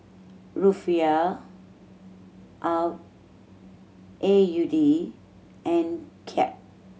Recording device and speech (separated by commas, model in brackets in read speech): mobile phone (Samsung C7100), read sentence